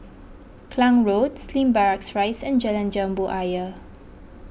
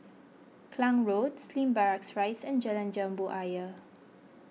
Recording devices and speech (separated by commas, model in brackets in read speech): boundary microphone (BM630), mobile phone (iPhone 6), read sentence